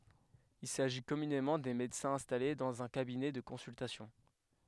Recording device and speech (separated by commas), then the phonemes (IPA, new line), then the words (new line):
headset microphone, read sentence
il saʒi kɔmynemɑ̃ de medəsɛ̃z ɛ̃stale dɑ̃z œ̃ kabinɛ də kɔ̃syltasjɔ̃
Il s’agit communément des médecins installés dans un cabinet de consultation.